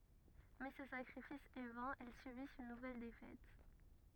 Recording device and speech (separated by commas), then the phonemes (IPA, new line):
rigid in-ear microphone, read sentence
mɛ sə sakʁifis ɛ vɛ̃ il sybist yn nuvɛl defɛt